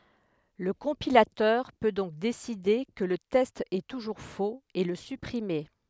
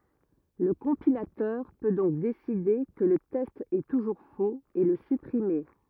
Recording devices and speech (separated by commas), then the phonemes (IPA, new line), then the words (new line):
headset microphone, rigid in-ear microphone, read sentence
lə kɔ̃pilatœʁ pø dɔ̃k deside kə lə tɛst ɛ tuʒuʁ foz e lə sypʁime
Le compilateur peut donc décider que le test est toujours faux et le supprimer.